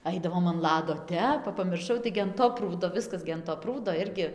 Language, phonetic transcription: Lithuanian, ˈaidavom an ˈlado ˈtep ˈva pamirˈšau ˈtaigi an ˈto ˈprūdo ˈviskas gi an to ˈprūdo ˈirgi

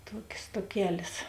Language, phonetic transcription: Lithuanian, ˈtuokės tuoˈkelės

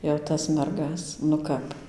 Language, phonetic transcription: Lithuanian, jau ˈtas ˈmergas nu ˈkap

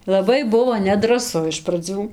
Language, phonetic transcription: Lithuanian, laˈbai ˈbuvo nedraˈsu iš praˈdzių

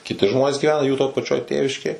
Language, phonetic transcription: Lithuanian, kiˈti ˈžmonės gyˈvena jų to paˈčioj ˈtėviškėj

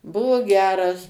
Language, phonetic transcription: Lithuanian, ˈbuvo ˈgeras

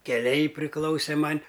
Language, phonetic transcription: Lithuanian, keˈliai priˈklausė ˈman'

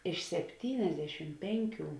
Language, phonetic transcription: Lithuanian, iš sepˈtyniasdešim ˈpenˌkių

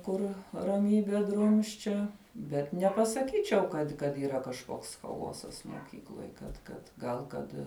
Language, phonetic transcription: Lithuanian, ˈkur raˈmybe ˈdrumsčia bet nepasaˈkyčiau ˈkad kad yˈra kažˈkoks chaˈosas moˈkykloj kad ˈkad ˈgal ˈkad

